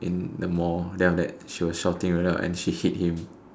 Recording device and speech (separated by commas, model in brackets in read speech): standing microphone, conversation in separate rooms